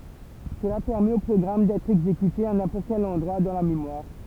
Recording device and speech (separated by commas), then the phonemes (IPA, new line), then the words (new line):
temple vibration pickup, read sentence
səla pɛʁmɛt o pʁɔɡʁam dɛtʁ ɛɡzekyte a nɛ̃pɔʁt kɛl ɑ̃dʁwa dɑ̃ la memwaʁ
Cela permet au programme d'être exécuté à n'importe quel endroit dans la mémoire.